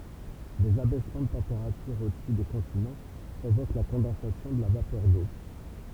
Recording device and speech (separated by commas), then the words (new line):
temple vibration pickup, read sentence
Des abaissements de température au-dessus des continents provoquent la condensation de la vapeur d’eau.